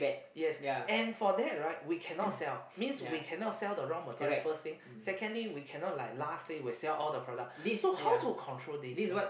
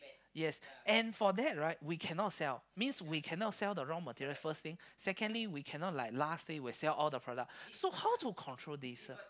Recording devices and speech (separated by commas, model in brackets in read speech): boundary microphone, close-talking microphone, conversation in the same room